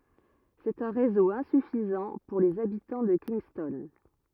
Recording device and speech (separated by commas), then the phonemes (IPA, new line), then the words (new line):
rigid in-ear microphone, read sentence
sɛt œ̃ ʁezo ɛ̃syfizɑ̃ puʁ lez abitɑ̃ də kinstɔn
C'est un réseau insuffisant pour les habitants de Kingston.